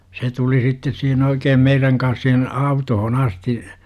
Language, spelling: Finnish, se tuli sitten siihen oikein meidän kanssa siihen autoon asti
- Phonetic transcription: se 'tuli 'sittes sihen 'oikeem 'meiräŋ kans sihen , 'autoho"n ‿asti .

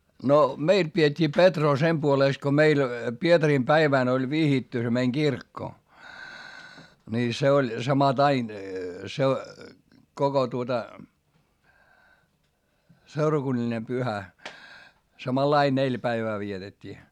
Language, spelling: Finnish, no meillä pidettiin Petroa sen puolesta kun meillä Pietarin päivänä oli vihitty se meidän kirkko niin se oli samattain koko tuota seurakunnallinen pyhä samanlainen neljä päivää vietettiin
- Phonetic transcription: no , meil pi₍et́t́ii Petroo sem puolès ko meil , Pietarim päivä̀n ‿oĺ vihitty se meiŋ Girkko , ńi se oĺ samaˈtain , koko tuota , seurakunnaĺine pyhä , samalai neĺ päivää vietet́t́ii .

